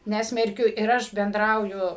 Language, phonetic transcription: Lithuanian, ˈnesmerkiu ir ˈaš benˈdrauju

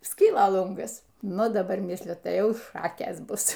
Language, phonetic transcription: Lithuanian, ˈskyla ˈlungas ˈnu daˈbar ˈmisliu ˈtai ˈjauˈšakės ˈbus

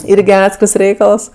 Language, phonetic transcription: Lithuanian, ˈirgi ˈatskirs ˈreikals

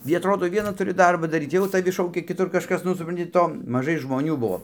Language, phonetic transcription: Lithuanian, gi atˈrodo ˈviena tuˈri ˈdarba daˈryt ˈjau taˈvi ˈšaukia kiˈtur kažˈkas ˈnu supranˈti ˈto maˈžai žmoˈnių ˈbuo

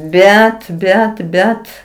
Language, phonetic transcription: Lithuanian, ˈbet ˈbet ˈbet

